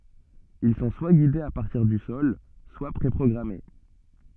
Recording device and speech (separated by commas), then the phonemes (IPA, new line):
soft in-ear microphone, read sentence
il sɔ̃ swa ɡidez a paʁtiʁ dy sɔl swa pʁe pʁɔɡʁame